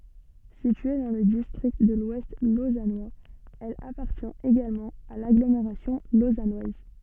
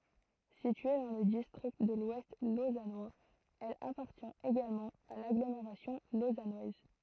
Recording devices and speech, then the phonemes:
soft in-ear microphone, throat microphone, read sentence
sitye dɑ̃ lə distʁikt də lwɛst lozanwaz ɛl apaʁtjɛ̃t eɡalmɑ̃ a laɡlomeʁasjɔ̃ lozanwaz

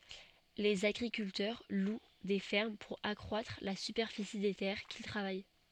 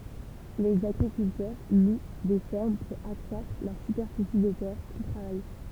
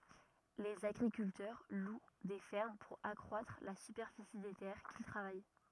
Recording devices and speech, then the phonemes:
soft in-ear microphone, temple vibration pickup, rigid in-ear microphone, read sentence
lez aɡʁikyltœʁ lw de fɛʁm puʁ akʁwatʁ la sypɛʁfisi de tɛʁ kil tʁavaj

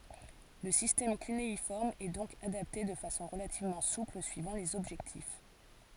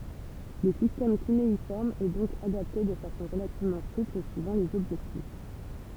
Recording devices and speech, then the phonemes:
forehead accelerometer, temple vibration pickup, read sentence
lə sistɛm kyneifɔʁm ɛ dɔ̃k adapte də fasɔ̃ ʁəlativmɑ̃ supl syivɑ̃ lez ɔbʒɛktif

